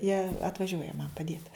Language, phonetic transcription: Lithuanian, jie atvaˈžiuoja man paˈdiet

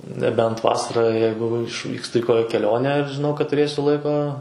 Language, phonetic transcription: Lithuanian, neˈbent ˈvasarą ˈjeigu išˈvykstu i ˈkokia keˈlionę ir žiˈnau kad tuˈrėsiu ˈlaiko

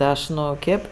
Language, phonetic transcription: Lithuanian, ˈaš ˈnu ˈkėp

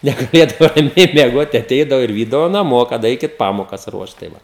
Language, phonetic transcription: Lithuanian, negaˈlėdavo raˈmiai mieˈgot tai aˈteidavo ir ˈvydavo naˈmo kad ˈaikit ˈpamokas ˈruošt tai ˈva

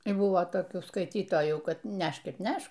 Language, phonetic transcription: Lithuanian, ir ˈbuvo toˈkių skaiˈtytojų ˈkad ˈnešk ir ˈnešk

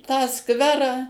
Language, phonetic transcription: Lithuanian, tą ˈskverą

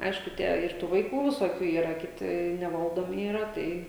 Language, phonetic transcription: Lithuanian, ˈaišku ˈtie ir ˈtų vaiˈkų visoˈkių ˈyra kiˈti neˈvaldomi yˈra ˈtai

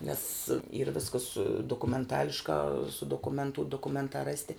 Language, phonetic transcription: Lithuanian, nes yr ˈviskas dokumenˈtališkā su dokuˈmentū dokuˈmentā ˈrasti

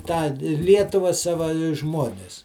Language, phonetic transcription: Lithuanian, tą ˈlietuva ˈsava i ˈžmuonis

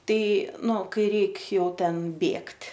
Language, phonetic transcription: Lithuanian, ˈtai ˈnu ˈkai ˈreik ˈjau ˈten ˈbėgt'

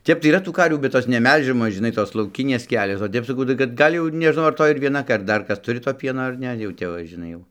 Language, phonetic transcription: Lithuanian, ˈtep tai yˈra tų ˈkarvių bet ˈjos neˈmelžiamos žiˈnai ˈtos lauˈkinės ˈkelios o ˈtep saˈkau tai kad ˈgal' jau ir nežˈnau ar ˈtoj ir vieˈna ar ˈdar ˈkas ˈturi to ˈpieno ar ˈne jau ˈtep va žiˈnai jau

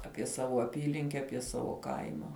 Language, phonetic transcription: Lithuanian, ˈapie ˈsavo aˈpylinke ˈapie ˈsavo ˈkaima

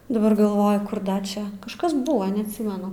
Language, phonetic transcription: Lithuanian, daˈbar galˈvoju ˈkur ˈda ˈčia kažˈkas ˈbuvo neatˈsimenu

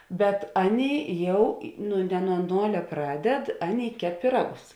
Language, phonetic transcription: Lithuanian, bet ˈaˌnėi ˈjau i ˈnu ne nuo ˈnolia ˈpraˌded ˈaˌnėi ˈkep piˈragus

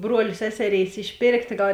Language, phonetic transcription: Lithuanian, ˈbruolė ˈseseˌrėis išˈpėrktė ˈgal

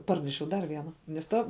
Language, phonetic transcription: Lithuanian, ˈparnešiau ˈdar ˈviena nes ˈta

